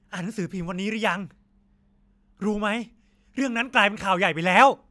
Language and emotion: Thai, angry